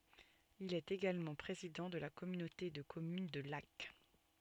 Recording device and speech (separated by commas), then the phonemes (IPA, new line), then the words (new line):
soft in-ear microphone, read sentence
il ɛt eɡalmɑ̃ pʁezidɑ̃ də la kɔmynote də kɔmyn də lak
Il est également président de la communauté de communes de Lacq.